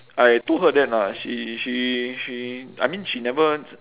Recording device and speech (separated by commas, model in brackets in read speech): telephone, conversation in separate rooms